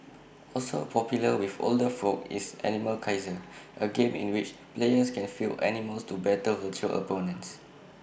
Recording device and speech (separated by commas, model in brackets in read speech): boundary microphone (BM630), read sentence